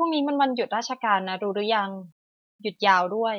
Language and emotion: Thai, neutral